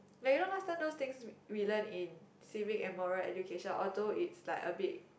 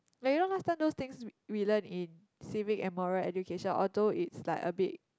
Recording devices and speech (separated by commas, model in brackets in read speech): boundary microphone, close-talking microphone, conversation in the same room